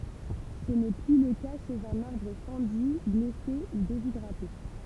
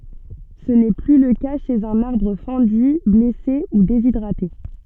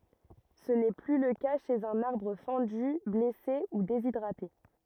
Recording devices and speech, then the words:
temple vibration pickup, soft in-ear microphone, rigid in-ear microphone, read sentence
Ce n'est plus le cas chez un arbre fendu, blessé ou déshydraté.

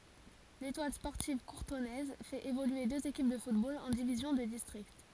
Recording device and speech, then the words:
forehead accelerometer, read sentence
L'Étoile sportive courtonnaise fait évoluer deux équipes de football en divisions de district.

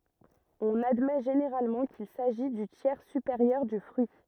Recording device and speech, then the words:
rigid in-ear microphone, read sentence
On admet généralement qu'il s'agit du tiers supérieur du fruit.

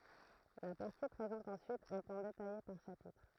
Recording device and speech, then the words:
throat microphone, read sentence
La partie présente ensuite un plan détaillé par chapitre.

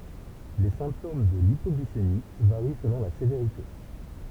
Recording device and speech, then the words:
temple vibration pickup, read sentence
Les symptômes de l'hypoglycémie varient selon la sévérité.

